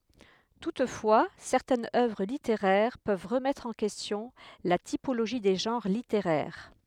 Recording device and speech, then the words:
headset microphone, read sentence
Toutefois, certaines œuvres littéraires peuvent remettre en question la typologie des genres littéraires.

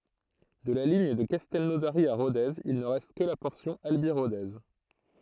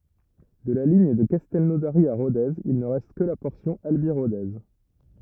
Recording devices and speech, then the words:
throat microphone, rigid in-ear microphone, read sentence
De la ligne de Castelnaudary à Rodez, il ne reste que la portion Albi-Rodez.

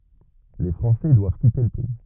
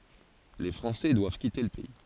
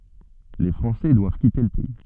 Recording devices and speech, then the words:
rigid in-ear microphone, forehead accelerometer, soft in-ear microphone, read sentence
Les Français doivent quitter le pays.

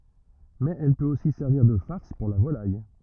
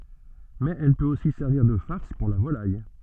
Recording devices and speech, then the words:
rigid in-ear microphone, soft in-ear microphone, read sentence
Mais elle peut aussi servir de farce pour la volaille.

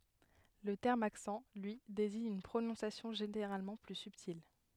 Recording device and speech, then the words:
headset microphone, read sentence
Le terme accent, lui, désigne une prononciation généralement plus subtile.

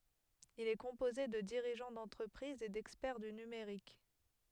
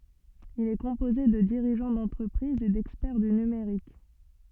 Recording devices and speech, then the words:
headset microphone, soft in-ear microphone, read sentence
Il est composé de dirigeants d’entreprises et d’experts du numérique.

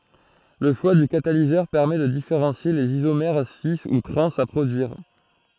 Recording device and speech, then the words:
throat microphone, read sentence
Le choix du catalyseur permet de différencier les isomères cis ou trans à produire.

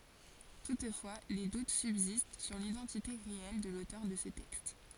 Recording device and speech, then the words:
forehead accelerometer, read sentence
Toutefois, des doutes subsistent sur l'identité réelle de l'auteur de ce texte.

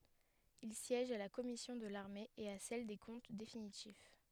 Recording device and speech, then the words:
headset microphone, read sentence
Il siège à la commission de l'armée et à celle des comptes définitifs.

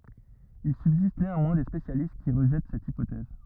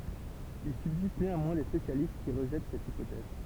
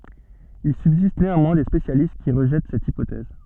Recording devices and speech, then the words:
rigid in-ear microphone, temple vibration pickup, soft in-ear microphone, read sentence
Il subsiste néanmoins des spécialistes qui rejettent cette hypothèse.

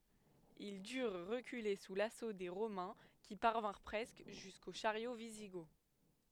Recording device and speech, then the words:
headset microphone, read sentence
Ils durent reculer sous l’assaut des Romains, qui parvinrent presque jusqu’aux chariots wisigoths.

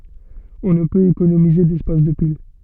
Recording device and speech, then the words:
soft in-ear microphone, read sentence
On ne peut économiser d'espace de pile.

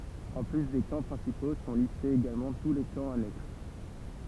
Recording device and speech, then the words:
temple vibration pickup, read sentence
En plus des camps principaux, sont listés également tous les camps annexes.

